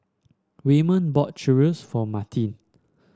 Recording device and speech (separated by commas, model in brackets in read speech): standing microphone (AKG C214), read sentence